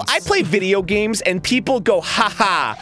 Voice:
In nasally, high-pitched tone